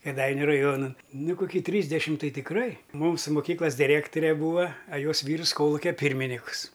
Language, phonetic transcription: Lithuanian, kėˈdainiu raˈjuona ˈnu koˈky trysdešimt ˈtai tikˈrai ˈmūsu moˈkyklas diˈrektore ˈbūva a ˈjos ˈvyrs ˈkolukia ˈpyrminikus

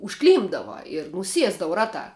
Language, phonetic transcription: Lithuanian, užˈklympdava ir nuˈsiesdava ˈratā

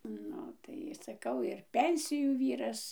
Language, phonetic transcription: Lithuanian, ˈnu tai saˈkau ir ˈpensijų ˈvyras

